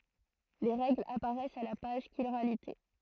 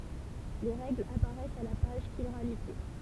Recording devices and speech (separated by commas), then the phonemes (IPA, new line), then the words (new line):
throat microphone, temple vibration pickup, read sentence
le ʁɛɡlz apaʁɛst a la paʒ ʃiʁalite
Les règles apparaissent à la page Chiralité.